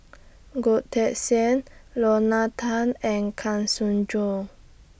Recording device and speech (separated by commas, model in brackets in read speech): boundary microphone (BM630), read sentence